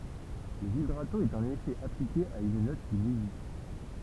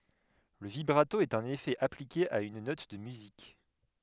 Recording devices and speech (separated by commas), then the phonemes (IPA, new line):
temple vibration pickup, headset microphone, read sentence
lə vibʁato ɛt œ̃n efɛ aplike a yn nɔt də myzik